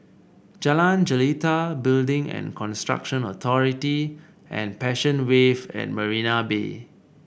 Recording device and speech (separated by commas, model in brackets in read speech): boundary microphone (BM630), read sentence